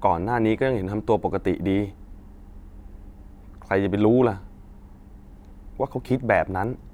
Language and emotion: Thai, frustrated